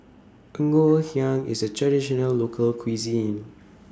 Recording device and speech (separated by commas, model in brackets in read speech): standing microphone (AKG C214), read sentence